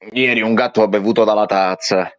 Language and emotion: Italian, disgusted